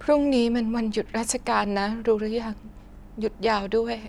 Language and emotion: Thai, sad